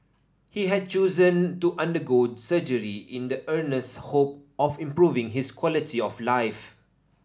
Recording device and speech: standing microphone (AKG C214), read sentence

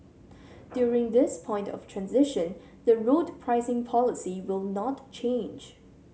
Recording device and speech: mobile phone (Samsung C7100), read sentence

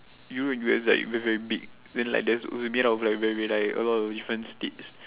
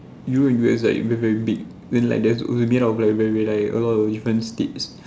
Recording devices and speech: telephone, standing microphone, conversation in separate rooms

